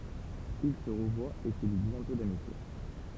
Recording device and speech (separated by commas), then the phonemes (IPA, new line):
temple vibration pickup, read sentence
il sə ʁəvwat e sə li bjɛ̃tɔ̃ damitje